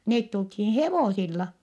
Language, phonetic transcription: Finnish, neet tulthiin̬ hevòsilla .
- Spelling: ne tultiin hevosilla

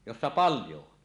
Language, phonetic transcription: Finnish, jossa 'paljo on .
- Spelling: jossa paljon on

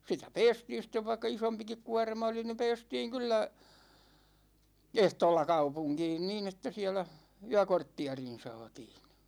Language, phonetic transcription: Finnish, sitä "pɛɛstiin̬ sĭt̆tev vaikka 'isompikik 'kuårma oli ni 'pɛɛstiiŋ kyllä , "ehtoolla 'kaupuŋkiin niin ‿että 'siɛlä , 'yäkorttiarin̬ 'saatiin̬ .
- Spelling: sitä päästiin sitten vaikka isompikin kuorma oli niin päästiin kyllä ehtoolla kaupunkiin niin että siellä yökortteerin saatiin

